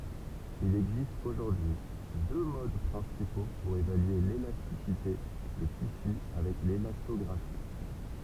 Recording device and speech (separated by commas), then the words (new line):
temple vibration pickup, read sentence
Il existe aujourd'hui deux modes principaux pour évaluer l'élasticité des tissus avec l'élastographie.